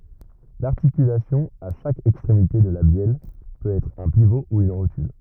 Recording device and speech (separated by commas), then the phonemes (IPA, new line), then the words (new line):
rigid in-ear microphone, read sentence
laʁtikylasjɔ̃ a ʃak ɛkstʁemite də la bjɛl pøt ɛtʁ œ̃ pivo u yn ʁotyl
L'articulation à chaque extrémité de la bielle peut être un pivot ou une rotule.